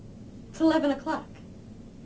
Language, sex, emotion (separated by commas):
English, female, neutral